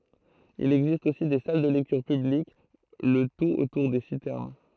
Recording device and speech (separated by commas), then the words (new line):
throat microphone, read sentence
Il existe aussi des salles de lectures publiques, le tout autour des citernes.